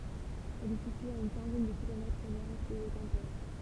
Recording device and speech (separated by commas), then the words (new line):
temple vibration pickup, read sentence
Elle est située à une quinzaine de kilomètres au nord-est de Quimper.